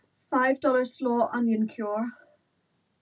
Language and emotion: English, fearful